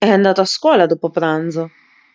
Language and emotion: Italian, neutral